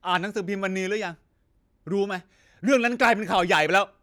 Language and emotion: Thai, angry